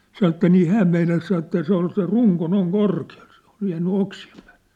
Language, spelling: Finnish, sanoi että niin hän meinasi sanoa että se oli se runko noin korkealla se oli jäänyt oksien päälle
- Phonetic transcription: sanŏ että nii "hääm meinas san ‿että 'se ‿ol se "ruŋko 'noiŋ 'korki₍aʟ sᴇ ‿ᴏʟ , jäänny 'oksi₍em pᴀ̈ᴀ̈ʟʟᴇ .

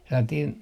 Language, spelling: Finnish, sellainen
- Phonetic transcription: sellatiin ,.

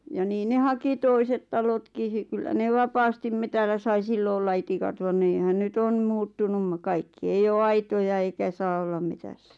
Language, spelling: Finnish, ja niin ne haki toiset talotkin se kyllä ne vapaasti metsällä sai silloin olla itikat vaan niinhän nyt on muuttunut kaikki ei ole aitoja eikä saa olla metsässä
- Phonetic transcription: ja 'niin 'ne "haki "toiset 'talotki ˢⁱˉ kyllä 'ne "vapaastim 'metällä sai 'sillo olla 'itikat van niihän ny't ‿on̳ muuttunum̳ 'kaikki ei 'oo "aitoja eikä saa 'ollam 'metässᴀ̈ .

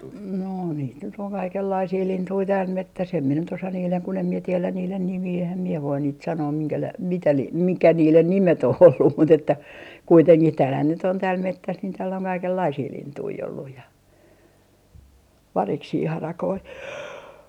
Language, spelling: Finnish, no niitä nyt on kaikenlaisia lintuja täällä metsässä en minä nyt osaa niiden kun en minä tiedä niiden nimiä enhän minä voi niitä sanoa - mitä - mikä niiden nimet on ollut mutta että kuitenkin täällähän nyt on täällä metsässä niin täällä on kaikenlaisia lintuja ollut ja variksia harakoita
- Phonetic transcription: no niit nyt ‿oŋ 'kaikellaisii "lintui 'tääl "mettäs em mie nyt osa niileŋ kun ‿em mie tielän̆ 'niilen "nimii ehäm mie voin niit "sanoo 'miŋkäläi- , 'mitä 'li- , mikä 'niilen 'nimet ‿oh ollum mut ‿että , 'kuiteŋkih 'täälhän nyt ‿on tääl 'mettäs niin tääl ‿oŋ 'kaikellaisii "lintui olluj ja , 'variksii 'harakoi .

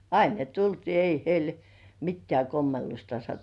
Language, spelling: Finnish, aina ne tultiin ei heille mitään kommellusta -
- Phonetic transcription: ain ne 'tultii , ei "heil , mittĕä̀ 'kommellusta sattu- .

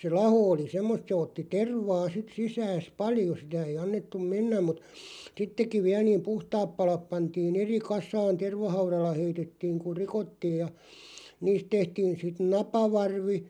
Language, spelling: Finnish, se laho oli semmoista se otti tervaa sitten sisäänsä paljon sitä ei annettu mennä mutta sittenkin vielä niin puhtaat palat pantiin eri kasaan tervahaudalla heitettiin kun rikottiin ja niistä tehtiin sitten napavarvi
- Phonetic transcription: se "laho oli 'semmost se otti "tervaa sit 'sisääs "paljo sitä ei'j̆ ‿annettum "mennäm mut , "sittek̆kiᵛ 'viäl niim "puhtaap 'palap 'pantii"n̬ ‿eri 'kas̆saan "tervahauralla 'heitettiiŋ kuʳ "rikottiij ja , 'niist 'tehtiin sit "napavarvi ,.

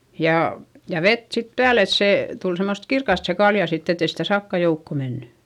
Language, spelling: Finnish, ja ja vettä sitten päälle että se tuli semmoista kirkasta se kalja sitten että ei sitä sakkaa joukkoon mennyt
- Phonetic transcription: ja , ja vet sit pääl ‿et sè , tul semmost kirkast se kalja sitt ‿etei sitä sakka joukko menny .

